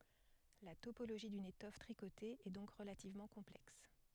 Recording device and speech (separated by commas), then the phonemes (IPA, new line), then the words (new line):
headset microphone, read sentence
la topoloʒi dyn etɔf tʁikote ɛ dɔ̃k ʁəlativmɑ̃ kɔ̃plɛks
La topologie d'une étoffe tricotée est donc relativement complexe.